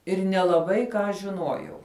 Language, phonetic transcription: Lithuanian, ir nelaˈbai ką žiˈnuojau

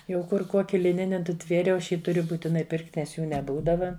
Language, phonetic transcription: Lithuanian, jau ˈkur ˈkoki liˈnini nuˈtvėriau ˈaš ˈjį tuˈriu būtiˈnai ˈpirkt' nes ˈjų neˈbūdava

